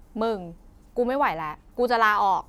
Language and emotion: Thai, frustrated